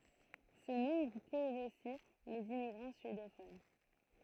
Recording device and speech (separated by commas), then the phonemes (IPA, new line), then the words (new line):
throat microphone, read sentence
sə nɔ̃bʁ kuvʁ osi lez immiɡʁɑ̃ syedofon
Ce nombre couvre aussi les immigrants suédophones.